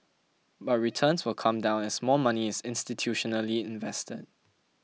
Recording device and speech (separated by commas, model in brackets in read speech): mobile phone (iPhone 6), read sentence